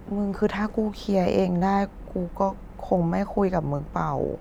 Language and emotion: Thai, sad